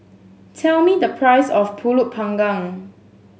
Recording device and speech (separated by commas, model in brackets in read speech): mobile phone (Samsung S8), read sentence